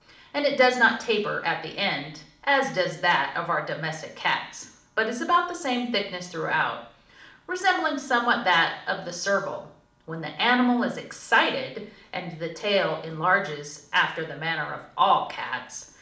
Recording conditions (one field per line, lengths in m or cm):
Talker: one person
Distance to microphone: 2.0 m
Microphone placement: close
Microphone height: 99 cm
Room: medium-sized (5.7 m by 4.0 m)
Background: none